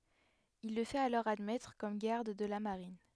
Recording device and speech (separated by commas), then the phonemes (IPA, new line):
headset microphone, read sentence
il lə fɛt alɔʁ admɛtʁ kɔm ɡaʁd də la maʁin